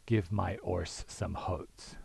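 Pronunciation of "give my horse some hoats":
In 'give my horse some oats', the h in 'horse' is dropped, and 'oats' gets an intrusive h, so it sounds like 'hoats'.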